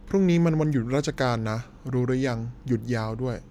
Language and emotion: Thai, neutral